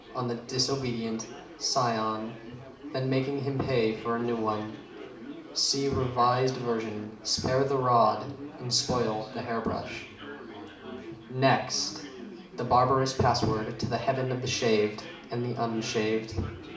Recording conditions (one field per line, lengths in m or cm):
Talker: one person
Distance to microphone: 2.0 m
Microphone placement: close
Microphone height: 99 cm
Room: medium-sized (5.7 m by 4.0 m)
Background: babble